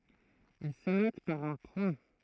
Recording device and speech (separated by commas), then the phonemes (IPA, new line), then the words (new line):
throat microphone, read sentence
il sə nɔt paʁ œ̃ pwɛ̃
Il se note par un point.